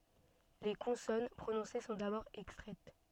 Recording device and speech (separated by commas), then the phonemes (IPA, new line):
soft in-ear microphone, read sentence
le kɔ̃sɔn pʁonɔ̃se sɔ̃ dabɔʁ ɛkstʁɛt